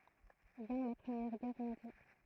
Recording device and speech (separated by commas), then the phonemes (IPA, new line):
throat microphone, read sentence
vjɛ̃ la pʁəmjɛʁ ɡɛʁ mɔ̃djal